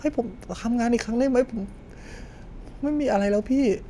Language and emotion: Thai, frustrated